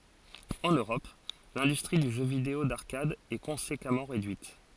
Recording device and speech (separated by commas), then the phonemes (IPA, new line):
forehead accelerometer, read sentence
ɑ̃n øʁɔp lɛ̃dystʁi dy ʒø video daʁkad ɛ kɔ̃sekamɑ̃ ʁedyit